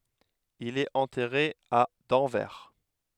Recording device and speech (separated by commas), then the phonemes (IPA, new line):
headset microphone, read sentence
il ɛt ɑ̃tɛʁe a dɑ̃vɛʁ